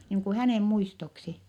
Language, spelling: Finnish, niin kuin hänen muistoksi
- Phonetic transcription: niiŋ ku hänèm muistoksi .

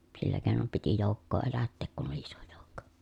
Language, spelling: Finnish, sillä keinoin piti joukkoa elättää kun oli iso joukko
- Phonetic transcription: sillä keenom piti jòukkoo elätteek kun oli iso jòukko .

